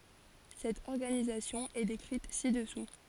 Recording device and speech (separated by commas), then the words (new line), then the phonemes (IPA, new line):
forehead accelerometer, read sentence
Cette organisation est décrite ci-dessous.
sɛt ɔʁɡanizasjɔ̃ ɛ dekʁit si dəsu